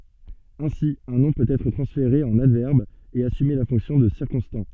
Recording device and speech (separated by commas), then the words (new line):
soft in-ear microphone, read sentence
Ainsi, un nom peut être transféré en adverbe et assumer la fonction de circonstant.